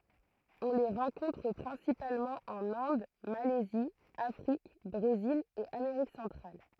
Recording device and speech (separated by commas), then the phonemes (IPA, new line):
throat microphone, read sentence
ɔ̃ le ʁɑ̃kɔ̃tʁ pʁɛ̃sipalmɑ̃ ɑ̃n ɛ̃d malɛzi afʁik bʁezil e ameʁik sɑ̃tʁal